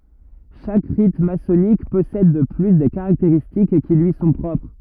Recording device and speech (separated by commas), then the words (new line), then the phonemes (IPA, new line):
rigid in-ear microphone, read sentence
Chaque rite maçonnique possède de plus des caractéristiques qui lui sont propres.
ʃak ʁit masɔnik pɔsɛd də ply de kaʁakteʁistik ki lyi sɔ̃ pʁɔpʁ